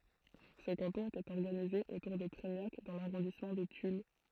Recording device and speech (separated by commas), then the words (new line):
throat microphone, read sentence
Ce canton était organisé autour de Treignac dans l'arrondissement de Tulle.